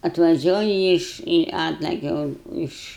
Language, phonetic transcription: Lithuanian, atvaˈžiuoji ˈiš i ˈatlakia un iš

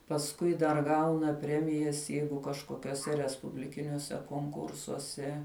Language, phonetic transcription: Lithuanian, pasˈkui dar ˈgauna ˈpremijas ˈjeigu kažkokiuoˈse respubliˈkiniuose konˈkursuose

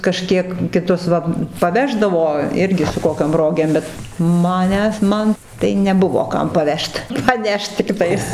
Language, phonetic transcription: Lithuanian, kaˈžkiek kiˈtus va paˈveždavo ˈirgi su ˈkokiom ˈrogėm ˈbet maˈnęs ˈman tai neˈbuvo ˈkam paˈvežt paˈnešt tikˈtais

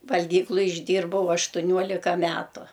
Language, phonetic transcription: Lithuanian, valˈgykluj išˈdyrbau aštuˈniuolika ˈmetu

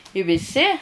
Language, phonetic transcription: Lithuanian, i viˈsi

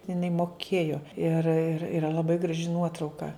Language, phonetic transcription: Lithuanian, iˈnai moˈkėjo ir ir iˈra laˈbai graˈži ˈnuotrauka

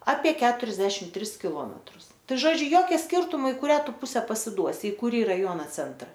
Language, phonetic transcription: Lithuanian, apie ˈketuriasdešim ˈtris kiˈlometrus ˈtai ˈžodžiu ˈjokia ˈskirtumo i kuˈrią ˈtu ˈpuse pasiˈduosi i kuˈrį raˈjuona ˈcentra

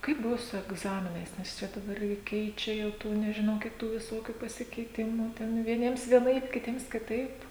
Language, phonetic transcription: Lithuanian, ˈkaip ˈbuvo su egˈzaminais nes ˈčia daˈbar gi ˈkeičia ˈjau ˈtų nežiˈnau ˈkiek ˈtų viˈsokiu pasikeiˈtimu ˈten vieˈniems vieˈnaip kiˈtiems kiˈtaip

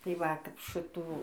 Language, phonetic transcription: Lithuanian, tai ˈva kap ˈšɨtų

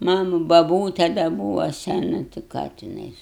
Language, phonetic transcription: Lithuanian, ˈmanu baˈbūte da ˈbūvo seˈnu ti ˈką tiˈnais

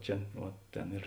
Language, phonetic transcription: Lithuanian, ˈčia uo ˈtėn ir

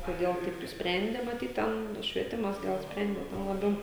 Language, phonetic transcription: Lithuanian, koˈdėl ˈtaip nuspˈrendė maˈtyt ˈten švieˈtimas ˈgal ˈsprendė ˈten laˈbiau

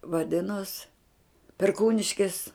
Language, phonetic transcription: Lithuanian, vaˈdinos perˈkūniškis

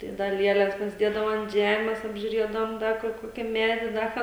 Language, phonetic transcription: Lithuanian, tai ˈda ˈlieles pasiˈdiedavo ant ˈžemes apžiuˈriedavom ˈda kur ˈkoki ˈmedi ˈda ką

